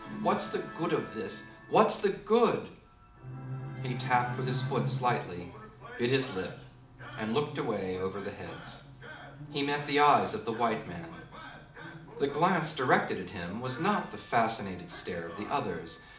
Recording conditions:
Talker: one person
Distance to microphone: 2.0 m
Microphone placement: close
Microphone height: 99 cm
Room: medium-sized (5.7 m by 4.0 m)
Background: television

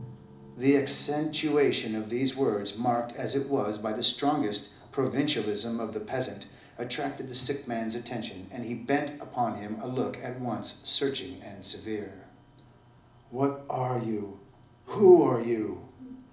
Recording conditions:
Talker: one person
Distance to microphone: 2.0 m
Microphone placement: close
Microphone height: 99 cm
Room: medium-sized (5.7 m by 4.0 m)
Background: television

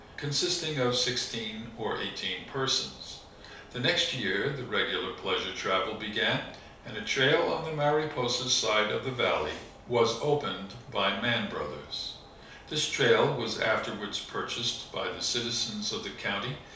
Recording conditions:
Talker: one person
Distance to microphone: 3.0 m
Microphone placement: far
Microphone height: 1.8 m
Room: small (3.7 m by 2.7 m)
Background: none

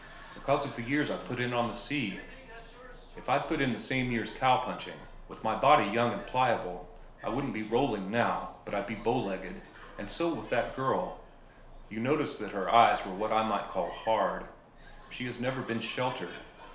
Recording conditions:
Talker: one person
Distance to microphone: 1.0 m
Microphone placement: close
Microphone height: 1.1 m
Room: small (3.7 m by 2.7 m)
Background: television

